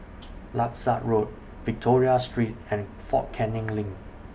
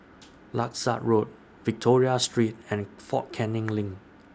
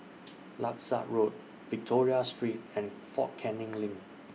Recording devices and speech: boundary microphone (BM630), standing microphone (AKG C214), mobile phone (iPhone 6), read sentence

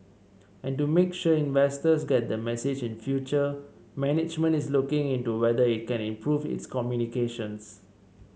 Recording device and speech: mobile phone (Samsung C7), read sentence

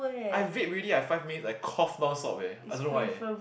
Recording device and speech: boundary microphone, conversation in the same room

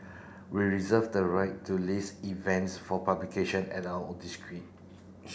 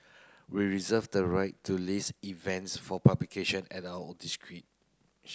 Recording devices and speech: boundary microphone (BM630), close-talking microphone (WH30), read sentence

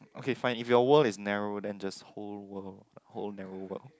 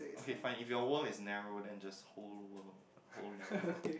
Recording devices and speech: close-talking microphone, boundary microphone, conversation in the same room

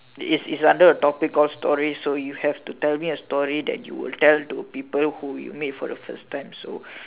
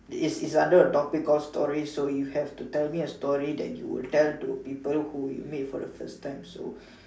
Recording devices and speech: telephone, standing microphone, conversation in separate rooms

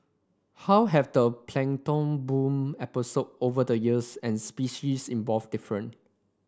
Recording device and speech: standing microphone (AKG C214), read sentence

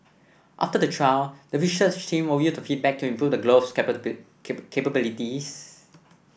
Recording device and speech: boundary microphone (BM630), read sentence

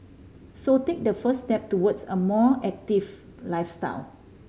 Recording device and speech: mobile phone (Samsung C5010), read sentence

